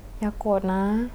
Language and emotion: Thai, sad